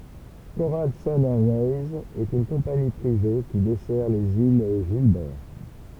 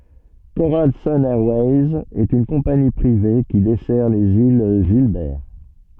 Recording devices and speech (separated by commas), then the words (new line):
temple vibration pickup, soft in-ear microphone, read sentence
Coral Sun Airways est une compagnie privée qui dessert les îles Gilbert.